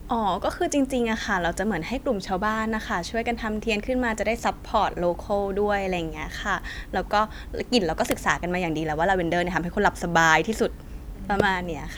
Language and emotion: Thai, happy